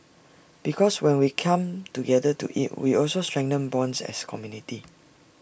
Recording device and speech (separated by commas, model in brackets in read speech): boundary microphone (BM630), read sentence